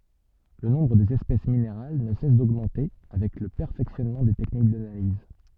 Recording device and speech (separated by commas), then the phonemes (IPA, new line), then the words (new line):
soft in-ear microphone, read sentence
lə nɔ̃bʁ dez ɛspɛs mineʁal nə sɛs doɡmɑ̃te avɛk lə pɛʁfɛksjɔnmɑ̃ de tɛknik danaliz
Le nombre des espèces minérales ne cesse d'augmenter avec le perfectionnement des techniques d'analyse.